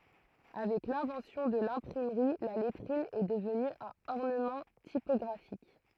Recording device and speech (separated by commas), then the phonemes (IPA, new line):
throat microphone, read sentence
avɛk lɛ̃vɑ̃sjɔ̃ də lɛ̃pʁimʁi la lɛtʁin ɛ dəvny œ̃n ɔʁnəmɑ̃ tipɔɡʁafik